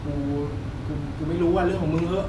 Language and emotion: Thai, frustrated